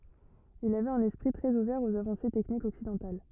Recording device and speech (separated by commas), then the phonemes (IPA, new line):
rigid in-ear microphone, read sentence
il avɛt œ̃n ɛspʁi tʁɛz uvɛʁ oz avɑ̃se tɛknikz ɔksidɑ̃tal